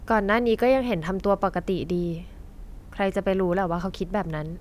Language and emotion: Thai, neutral